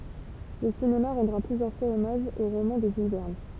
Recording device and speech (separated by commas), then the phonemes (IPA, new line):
temple vibration pickup, read sentence
lə sinema ʁɑ̃dʁa plyzjœʁ fwaz ɔmaʒ o ʁomɑ̃ də ʒyl vɛʁn